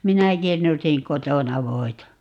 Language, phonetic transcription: Finnish, 'minä 'kirnusiŋ "kotona 'voi̮ta .
- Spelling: minä kirnusin kotona voita

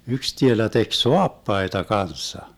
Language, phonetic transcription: Finnish, yks 'tielä tek "soappaita 'kanssa .
- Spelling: yksi tielä teki saappaita kanssa

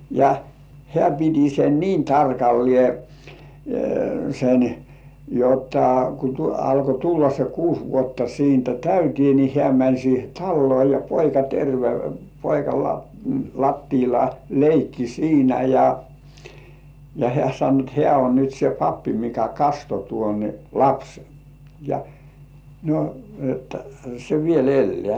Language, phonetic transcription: Finnish, ja , 'hĕä̀ piti sen "niin 'tarkalliè , sen , jotta ku 'alko 'tulla se "kuus vuotta siintä "täytĭè ni 'hĕä̀§ mäń siihe "tallŭò ja "poika terve 'poika lattiila "leikki 'siinä ja , ja hĕä̀ sano et 'hĕä̀ on nyt se "pappi mikä 'kasto tuon , "lapsen , ja , no että se "viel 'ellĕä̀ .
- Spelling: ja hän piti sen niin tarkalleen sen jotta kun alkoi tulla se kuusi vuotta siitä täyteen niin hän meni siihen taloon ja poika terve poika lattialla leikki siinä ja ja hän sanoi että hän on nyt se pappi mikä kastoi tuon lapsen ja no että se vielä elää

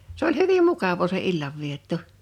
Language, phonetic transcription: Finnish, se ‿oĺ 'hyvim "mukavoo se 'illavvietto .
- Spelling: se oli hyvin mukavaa se illanvietto

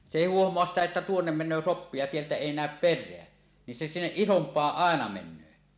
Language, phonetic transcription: Finnish, 'se 'èi "huohmoas 'sitä että "tuonnem 'men̆nöö 'soppi ja sieltä 'èi 'nä̀öp "per̆reä , ni se 'sinneˀ "ˀisomp̀aaˀ ˀàena 'men̆nöö .
- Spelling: se ei huomaa sitä että tuonne menee soppi ja sieltä ei näy perää niin se sinne isompaan aina menee

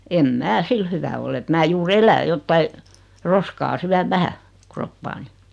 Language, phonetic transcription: Finnish, 'em "mää 'sil hyvä oll ‿et mää 'juur "elä 'jottai , 'roskaa "syäv 'vähä , "kroppaani .
- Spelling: en minä sillä hyvä ole että minä juuri elän jotakin roskaa syön vähän kroppaani

